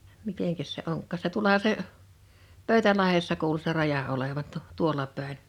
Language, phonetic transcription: Finnish, 'miteŋkäs se 'oŋkkàs se 'tuolaha se , "Pö̳y̬̬tälahessa kuulᵘ se 'raja olevan tu- , 'tuola 'pä̀ḙn .
- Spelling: mitenkäs se onkaan se tuollahan se Pöytälahdessa kuuluu se raja olevan - tuolla päin

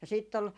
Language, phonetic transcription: Finnish, ja 'sitt ‿ol ,.
- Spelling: ja sitten oli

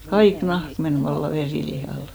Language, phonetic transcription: Finnish, 'kaik 'nahk men 'valla "verìlihàl .
- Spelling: kaikki nahka meni vallan verilihalle

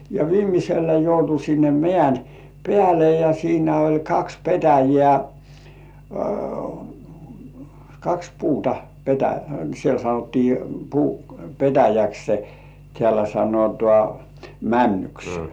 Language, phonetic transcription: Finnish, ja 'viimisellä 'joutu sinne 'mĕä̀n , "peäle ja siinä oĺ 'kaks "petäjeä̀ , kaks 'puuta , petä- , 'siel sanottii "puu , "petäjäkse , tĕä̀lä 'sanotŏ§à , "männyksᴇ .
- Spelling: ja viimeisellä joutui sinne mäen päälle ja siinä oli kaksi petäjää kaksi puuta - siellä sanottiin puu petäjäksi täällä sanotaan männyksi

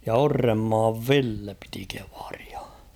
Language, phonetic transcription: Finnish, ja 'Orremmaav "Ville piti kᴇᴠᴀʀɪᴀ .
- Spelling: ja Orrenmaan Ville piti kievaria

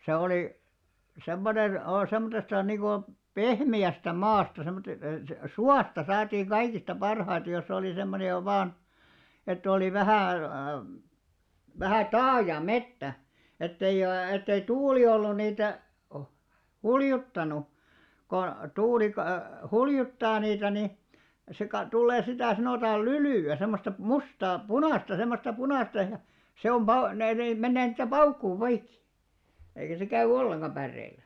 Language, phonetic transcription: Finnish, se oli , 'semmonen , oo- 'semmottesta niiŋɢo , "pehmi₍ästä "maasta semmote- , e- "suasta saatiiŋ 'ɢaikista 'parhaita jos ‿olì semmone jo 'vaan , ett ‿òli 'vähä̀ , vähä "taaja "mettä ; ettei , ettei 'tuuli ollun niitä , "huljuttanu , ko , 'tuuli ka- , "huljuttaa niitä ni , se ka- 'tullee 'sitä̀ 'sanòtaal "lylỳ₍ä semmosta 'mustaa , "punàsta semmosta 'punàsta ja , se om 'pau- , ne nee 'mennee ni₍että "paukkuu 'poikki , eikä se 'käy "olleŋɢa 'pärreil̆lä .
- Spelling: se oli semmoinen - semmoisesta niin kuin pehmeästä maasta - - suosta saatiin kaikista parhaita jos oli semmoinen jo vain että oli vähän vähän taaja metsä että ei että ei tuuli ollut niitä huljuttanut kun tuuli - huljuttaa niitä niin se - tulee sitä sanotaan lylyä semmoista mustaa punaista semmoista punaista ja se on - ne ne menee niin että paukkuu poikki eikä se käy ollenkaan päreillä

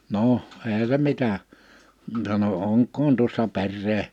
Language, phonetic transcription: Finnish, 'noʰ , èihä se 'mitä , sano » 'oŋk̆koon tuossa 'perree « ,.
- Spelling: no eihän se mitä sanoi onkohan tuossa perää

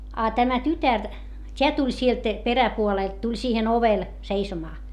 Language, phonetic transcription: Finnish, a tämä tytär , t́eä tuĺ sielt , peräpuolèlt tuĺ siihen ‿ovel , seisomaa .
- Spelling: a tämä tytär tämä tuli sieltä peräpuolelta tuli siihen ovelle seisomaan

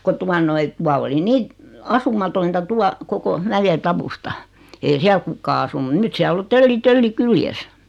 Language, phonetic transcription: Finnish, 'ko tua noi , 'tua oli 'nii , 'asumatointa 'tua , 'koko , 'mäje'tawusta , ei 'siäl 'kuk̀aa asunu 'nyt siäl ‿o 'tölli "tölli 'kyljes .
- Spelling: kun tuota noin tuo oli niin asumatonta tuo koko mäentausta ei siellä kukaan asunut nyt siellä on tölli töllin kyljessä

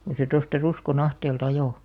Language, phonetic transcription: Finnish, ko se tosta 'Rusko'n ‿ahteel"t ‿ajò .
- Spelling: kun se tuosta Ruskon ahteelta ajoi

